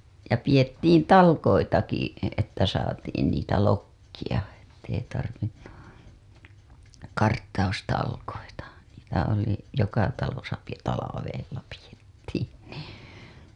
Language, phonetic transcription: Finnish, ja piʲettiin "tal§k§oitaki , että saatiin niitä 'lokkija , ettei tarvinnu , 'karttaustalkoita , niitä oli , joka talosa pi- , 'talavella pijettiin niin , .
- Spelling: ja pidettiin talkoitakin että saatiin niitä lokkia että ei tarvinnut karttaustalkoita niitä oli joka talossa - talvella pidettiin niin

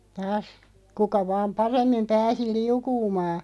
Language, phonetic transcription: Finnish, taas , 'kuka vaam "paremmim 'pääsi "liukuumaa .
- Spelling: taas kuka vain paremmin pääsi liukumaan

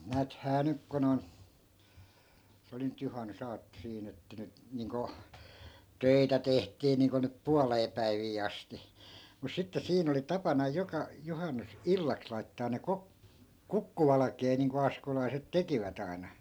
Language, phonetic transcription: Finnish, 'nääthää "nyk kun ‿on , 'se oli nyt 'juhannu'saatto 'siin ‿että nyt , 'niiŋko , "töitä 'tehtii niiŋko nyp "pualee 'päivii asti , mus 'sitte 'siin ‿oli 'tapana 'joka , 'johannus- , "-illaks laittaan ne 'kok- , "kukkuvalakee niiŋko 'askolaiset "tekivät ‿ai̮na .
- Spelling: näethän nyt kun on se oli nyt juhannusaatto siinä että nyt niin kuin töitä tehtiin niin kuin nyt puoleen päiviin asti mutta sitten siinä oli tapana joka - juhannusillaksi laittaa ne - kukkuvalkea niin kuin askolaiset tekivät aina

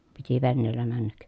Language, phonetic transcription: Finnish, piti venneellä männäk .
- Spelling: piti veneellä mennä

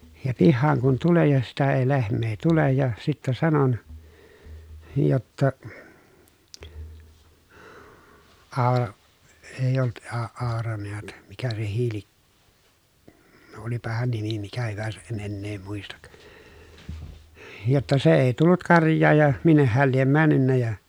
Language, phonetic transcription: Finnish, ja pihhaaŋ kun tulen̬ ja sitä ei lehm̆mee tulej ja , sittä sanon , jotta , Aa- , èij ‿ollut A- Aora neät , mikä se Hiili , no olipa heän nimi mikä hyväsäʼ ʼen ennee muistak , » jotta se èi tullut karj̆jaaj ja , minneh heäl liem männynnä ja » .
- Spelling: ja pihaan kun tulen ja sitä ei lehmää tule ja sitten sanoin jotta - ei ollut - Aura näet mikä se Hiili no olipa hänen nimi mikä hyvänsä en enää muista jotta se ei tullut karjaan ja minne hän lie mennyt ja

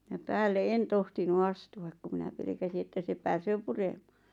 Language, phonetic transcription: Finnish, ja 'päälle "en 'tohtinu "astu₍ak ku minä 'pelᵉkäsi että se 'pääsöö "puremᴀᴀ .
- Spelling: ja päälle en tohtinut astua kun minä pelkäsin että se pääsee puremaan

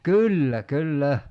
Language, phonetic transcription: Finnish, "kyllä 'kyl"lä !
- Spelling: kyllä kyllä

